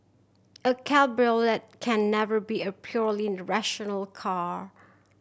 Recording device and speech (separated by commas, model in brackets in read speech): boundary microphone (BM630), read sentence